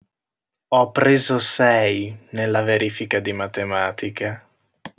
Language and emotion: Italian, disgusted